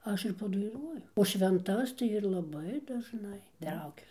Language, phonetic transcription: Lithuanian, ˈaš ir padaiˈnuoju o švenˈtas tai ir laˈbai dažˈnai ˈtraukiu

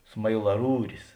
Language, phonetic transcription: Lithuanian, smailaˈrūris

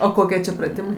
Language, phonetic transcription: Lithuanian, o ˈkokie čia praˈtimai

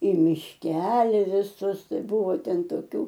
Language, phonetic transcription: Lithuanian, i mišˈkeli viˈsus ˈtai ˈbuvo ˈten toˈkių

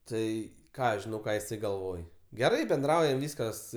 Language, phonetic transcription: Lithuanian, ˈtai ˈką aš žiˈnau ˈką jiˈsai galˈvoj geˈrai benˈdraujam ˈvyskas

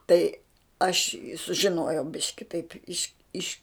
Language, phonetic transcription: Lithuanian, tai aš i sužiˈnojau ˈbiški taip' ˈiš iš

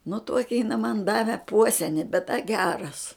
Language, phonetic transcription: Lithuanian, nu ˈtuoki jiˈna man ˈdave ˈpuoseni bet da ˈgeras

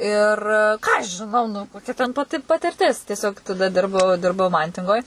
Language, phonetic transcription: Lithuanian, ir ˈką aš žiˈnau nu koˈkia ten paˈti patirˈtis tieˈsiog taˈda ˈdirbau ˈdirbau ˈmantingoj

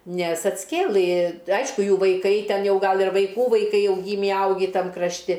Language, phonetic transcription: Lithuanian, ˈnes atsˈkėlɨ ˈaišku ˈjų vaiˈkai ˈten ˈjau ˈgal ir vaiˈkų vaiˈkai ˈjau ˈgymį ˈaugį ˈtam krašˈti

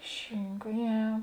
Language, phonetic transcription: Lithuanian, ˈšinka ˈje

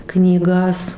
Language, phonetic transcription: Lithuanian, knyˈgas

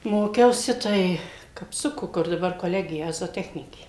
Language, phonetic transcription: Lithuanian, ˈmokiausi ˈtai kapˈsuku kur daˈbar koˈlegija zoˈtechnikė

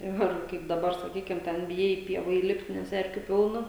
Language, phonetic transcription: Lithuanian, ˈir ˈkaip daˈbar saˈkykim ˈten biˈjai i ˈpieva įˈlipt' nes ˈerkiu ˈpilna

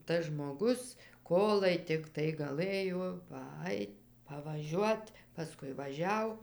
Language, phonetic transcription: Lithuanian, ˈtas žmoˈgus ˈkolai tikˈtai gaˈlɘjo paˈait pavaˈžiuot paˈskui vaˈžiau

